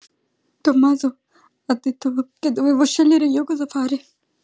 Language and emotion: Italian, fearful